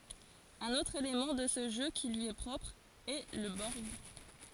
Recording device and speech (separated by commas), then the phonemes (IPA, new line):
forehead accelerometer, read sentence
œ̃n otʁ elemɑ̃ də sə ʒø ki lyi ɛ pʁɔpʁ ɛ lə bɔʁɡ